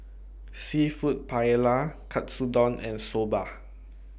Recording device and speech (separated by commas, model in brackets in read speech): boundary microphone (BM630), read sentence